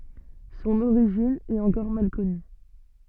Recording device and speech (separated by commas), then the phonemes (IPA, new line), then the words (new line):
soft in-ear microphone, read sentence
sɔ̃n oʁiʒin ɛt ɑ̃kɔʁ mal kɔny
Son origine est encore mal connue.